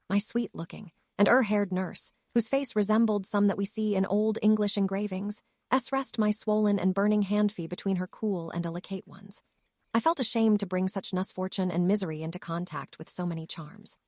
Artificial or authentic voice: artificial